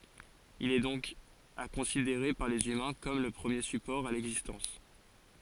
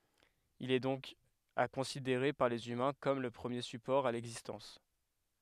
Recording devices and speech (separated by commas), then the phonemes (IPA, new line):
forehead accelerometer, headset microphone, read sentence
il ɛ dɔ̃k a kɔ̃sideʁe paʁ lez ymɛ̃ kɔm lə pʁəmje sypɔʁ a lɛɡzistɑ̃s